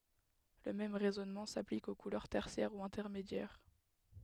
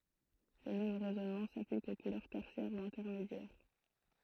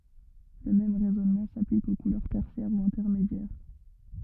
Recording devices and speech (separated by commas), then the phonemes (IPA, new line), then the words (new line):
headset microphone, throat microphone, rigid in-ear microphone, read sentence
lə mɛm ʁɛzɔnmɑ̃ saplik o kulœʁ tɛʁsjɛʁ u ɛ̃tɛʁmedjɛʁ
Le même raisonnement s'applique aux couleurs tertiaires ou intermédiaires.